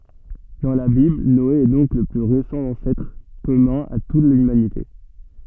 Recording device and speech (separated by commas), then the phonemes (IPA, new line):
soft in-ear microphone, read sentence
dɑ̃ la bibl nɔe ɛ dɔ̃k lə ply ʁesɑ̃ ɑ̃sɛtʁ kɔmœ̃ a tut lymanite